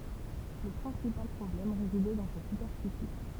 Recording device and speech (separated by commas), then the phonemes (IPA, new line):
temple vibration pickup, read sentence
lə pʁɛ̃sipal pʁɔblɛm ʁezidɛ dɑ̃ sa sypɛʁfisi